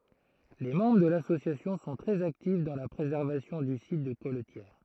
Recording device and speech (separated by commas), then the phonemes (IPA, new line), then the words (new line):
throat microphone, read sentence
le mɑ̃bʁ də lasosjasjɔ̃ sɔ̃ tʁɛz aktif dɑ̃ la pʁezɛʁvasjɔ̃ dy sit də kɔltjɛʁ
Les membres de l'association sont très actifs dans la préservation du site de colletière.